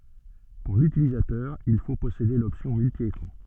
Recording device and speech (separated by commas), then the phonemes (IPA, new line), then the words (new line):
soft in-ear microphone, read sentence
puʁ lytilizatœʁ il fo pɔsede lɔpsjɔ̃ myltjekʁɑ̃
Pour l'utilisateur il faut posséder l'option multi-écran.